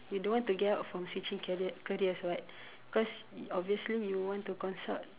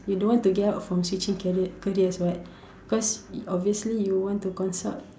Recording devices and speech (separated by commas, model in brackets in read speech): telephone, standing microphone, conversation in separate rooms